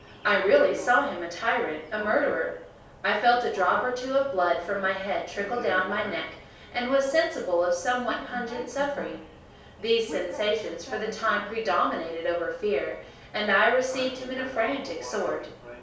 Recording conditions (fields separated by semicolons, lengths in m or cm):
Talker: one person; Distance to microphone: 3.0 m; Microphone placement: far; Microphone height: 1.8 m; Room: small (3.7 m by 2.7 m); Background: television